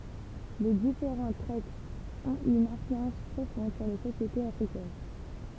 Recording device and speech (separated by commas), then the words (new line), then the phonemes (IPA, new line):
temple vibration pickup, read sentence
Les différentes traites ont eu une influence profonde sur les sociétés africaines.
le difeʁɑ̃t tʁɛtz ɔ̃t y yn ɛ̃flyɑ̃s pʁofɔ̃d syʁ le sosjetez afʁikɛn